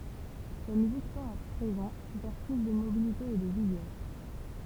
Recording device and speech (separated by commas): temple vibration pickup, read sentence